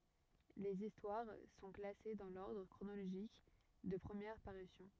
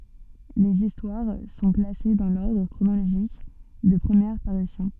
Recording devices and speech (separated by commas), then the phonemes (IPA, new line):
rigid in-ear microphone, soft in-ear microphone, read sentence
lez istwaʁ sɔ̃ klase dɑ̃ lɔʁdʁ kʁonoloʒik də pʁəmjɛʁ paʁysjɔ̃